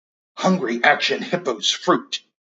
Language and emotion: English, fearful